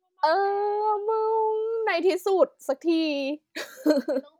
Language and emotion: Thai, happy